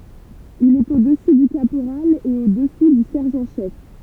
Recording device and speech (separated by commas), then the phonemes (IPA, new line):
temple vibration pickup, read sentence
il ɛt o dəsy dy kapoʁal e o dəsu dy sɛʁʒɑ̃ ʃɛf